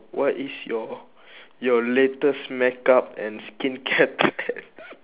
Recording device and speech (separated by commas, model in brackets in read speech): telephone, conversation in separate rooms